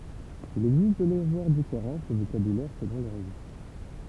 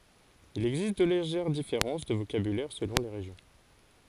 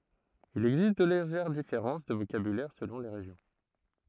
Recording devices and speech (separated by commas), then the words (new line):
temple vibration pickup, forehead accelerometer, throat microphone, read sentence
Il existe de légères différences de vocabulaire selon les régions.